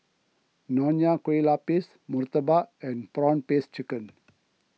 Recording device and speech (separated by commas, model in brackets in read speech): mobile phone (iPhone 6), read sentence